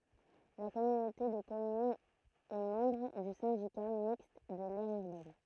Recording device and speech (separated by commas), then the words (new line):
throat microphone, read sentence
La communauté de communes est membre du Syndicat Mixte de l'Aire Urbaine.